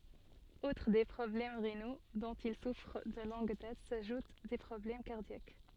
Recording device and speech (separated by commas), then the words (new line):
soft in-ear microphone, read sentence
Outre des problèmes rénaux, dont il souffre de longue date, s'ajoutent des problèmes cardiaques.